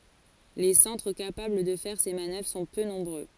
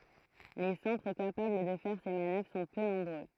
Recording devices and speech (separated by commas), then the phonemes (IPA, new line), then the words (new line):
forehead accelerometer, throat microphone, read sentence
le sɑ̃tʁ kapabl də fɛʁ se manœvʁ sɔ̃ pø nɔ̃bʁø
Les centres capables de faire ces manœuvres sont peu nombreux.